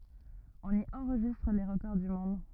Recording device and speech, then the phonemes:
rigid in-ear microphone, read sentence
ɔ̃n i ɑ̃ʁʒistʁ le ʁəkɔʁ dy mɔ̃d

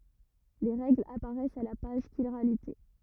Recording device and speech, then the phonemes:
rigid in-ear microphone, read sentence
le ʁɛɡlz apaʁɛst a la paʒ ʃiʁalite

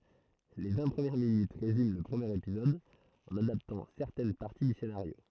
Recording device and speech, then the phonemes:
throat microphone, read sentence
le vɛ̃ pʁəmjɛʁ minyt ʁezym lə pʁəmjeʁ epizɔd ɑ̃n adaptɑ̃ sɛʁtɛn paʁti dy senaʁjo

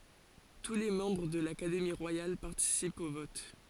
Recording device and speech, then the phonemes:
forehead accelerometer, read sentence
tu le mɑ̃bʁ də lakademi ʁwajal paʁtisipt o vɔt

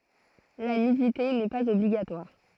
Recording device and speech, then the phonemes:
throat microphone, read sentence
la nydite nɛ paz ɔbliɡatwaʁ

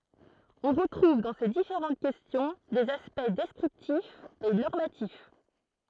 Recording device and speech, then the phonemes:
throat microphone, read sentence
ɔ̃ ʁətʁuv dɑ̃ se difeʁɑ̃t kɛstjɔ̃ dez aspɛkt dɛskʁiptifz e nɔʁmatif

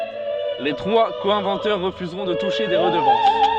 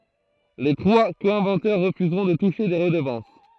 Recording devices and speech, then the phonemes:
soft in-ear microphone, throat microphone, read sentence
le tʁwa ko ɛ̃vɑ̃tœʁ ʁəfyzʁɔ̃ də tuʃe de ʁədəvɑ̃s

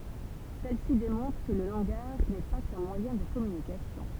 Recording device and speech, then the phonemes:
temple vibration pickup, read sentence
sɛl si demɔ̃tʁ kə lə lɑ̃ɡaʒ nɛ pa kœ̃ mwajɛ̃ də kɔmynikasjɔ̃

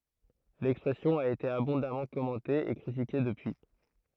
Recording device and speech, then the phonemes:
throat microphone, read sentence
lɛkspʁɛsjɔ̃ a ete abɔ̃damɑ̃ kɔmɑ̃te e kʁitike dəpyi

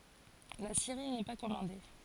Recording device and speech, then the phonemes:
forehead accelerometer, read sentence
la seʁi nɛ pa kɔmɑ̃de

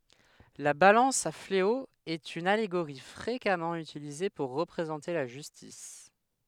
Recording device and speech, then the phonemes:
headset microphone, read sentence
la balɑ̃s a fleo ɛt yn aleɡoʁi fʁekamɑ̃ ytilize puʁ ʁəpʁezɑ̃te la ʒystis

